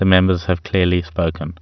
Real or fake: real